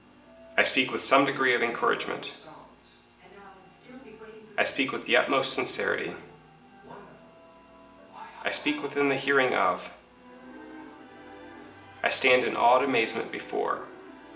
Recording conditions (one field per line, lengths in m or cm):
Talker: one person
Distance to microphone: 1.8 m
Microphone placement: close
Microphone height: 1.0 m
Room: large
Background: television